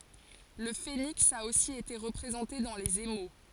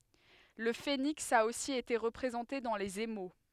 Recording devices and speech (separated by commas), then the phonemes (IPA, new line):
forehead accelerometer, headset microphone, read sentence
lə feniks a osi ete ʁəpʁezɑ̃te dɑ̃ lez emo